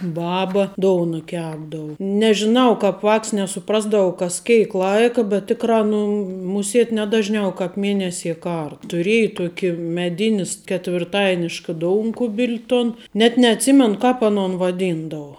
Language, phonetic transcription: Lithuanian, ˈbaba ˈdouna ˈkepdavu nežiˈnau ˈkāp ˈvāks nesuˈprasdavau kas ˈkėik ˈlaika bet ˈtikrā nu muˈsėt ˈne dažˌniau kaip ˈmėnesie ˈkar tuˈrieja ˈtuoki meˈdinis ketvirˈtainiška ˈdounkubil' ton net neatˈsimenu ˈkāp aˈnon vaˈdyndavo

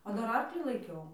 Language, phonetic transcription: Lithuanian, o ˈdar ˈarklį laiˈkiau

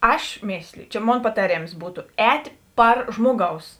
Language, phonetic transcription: Lithuanian, ˈaš ˈmėsliju čia ˈmon pataˈrėms ˈbūtu ˈētė ˈpar ˈžmoˌgaus

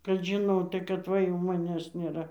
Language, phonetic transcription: Lithuanian, kad žiˈnotai kad ˈva jau maˈnęs nėˈra

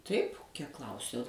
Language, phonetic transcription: Lithuanian, taip kiek ˈklausiau

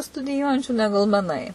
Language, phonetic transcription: Lithuanian, studiˈjuojančių ˈnegul meˈnai

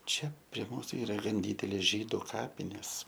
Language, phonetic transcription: Lithuanian, ˈčia prie ˈmūsu ˈyra ˈgan ˈdydelės ˈžydu ˈkapinės

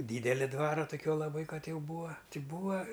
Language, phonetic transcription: Lithuanian, ˈdydeli ˈdvara toˈkiuo laˈbai ˈkad ˈjau ˈbūa ˈti ˈbūa

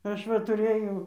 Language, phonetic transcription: Lithuanian, ˈaš va tuˈrɘjau

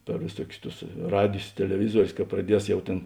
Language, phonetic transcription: Lithuanian, per vėˈsuokius ˈtus ˈradijs teleˈvizuorius ka praˈdies jau ˈtėn

